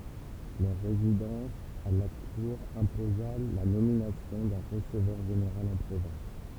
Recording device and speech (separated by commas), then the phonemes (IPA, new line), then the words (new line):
temple vibration pickup, read sentence
lœʁ ʁezidɑ̃s a la kuʁ ɛ̃poza la nominasjɔ̃ dœ̃ ʁəsəvœʁ ʒeneʁal ɑ̃ pʁovɛ̃s
Leur résidence à la Cour imposa la nomination d’un receveur général en province.